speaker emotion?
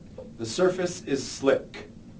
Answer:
neutral